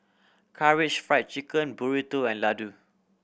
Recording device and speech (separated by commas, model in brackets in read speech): boundary microphone (BM630), read sentence